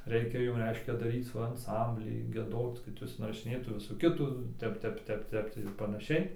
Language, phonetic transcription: Lithuanian, ˈreikia ˈjum ˈreiškia daˈryc ˈva anˈsamblį gieˈdoc kad ˈjus inrašiˈnėtų ˈvisų ˈkitų ˈtep ˈtep ˈtep ˈtep tį ir panaˈšiai

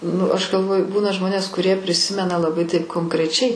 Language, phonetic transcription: Lithuanian, nu ˈaš galˈvoju ˈbūna ˈžmonės kuˈrie priˈsimena laˈbai taip konkreˈčiai

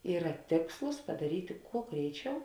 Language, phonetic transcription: Lithuanian, ˈyra ˈtėkslus padaˈryti ˈkuo ˈgreiˌčiau

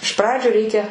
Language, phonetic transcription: Lithuanian, iš ˈpradžiu ˈreikia

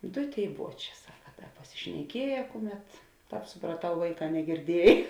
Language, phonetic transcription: Lithuanian, ˈdo ˈtėi ˈbuoˌčē ˈsaka ˈda pasišneˈkieje ˈkuˌmet ˈtāp supraˈtau ˈvaiˌkā negirˈdiej

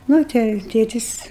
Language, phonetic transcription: Lithuanian, ˈnu te jau ˈtėtis

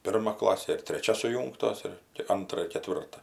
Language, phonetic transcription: Lithuanian, ˈpirma ˈklasė ir treˈčia suˈjūngtos ir ti ˈantra ir keˈtvirta

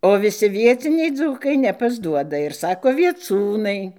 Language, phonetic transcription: Lithuanian, o viˈsi vieˈciniai ˈdzūkai nepasˈduoda ir ˈsako vieˈcūnai

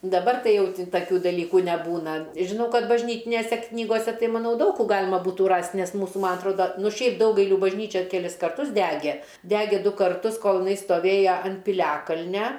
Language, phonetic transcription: Lithuanian, daˈbar ˈtai ˈjau taˈkių daˈlykų neˈbūna žiˈnau ˈkad bažˈnytinėse ˈknygose ˈtai maˈnau ˈdaug kų ˈgalima ˈbūtų ˈrast' nes ˈmūsų ˈman atˈroda ˈnu ˈšiaip ˈdaugailių bažˈnyčia keˈlis karˈtus ˈdege ˈdegė ˈdu karˈtus ˈkol jiˈnai stoˈvėja ant piˈliakalnia

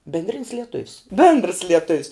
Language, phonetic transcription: Lithuanian, bindˈrin's lieˈtuv's bėndrs lieˈtuv's

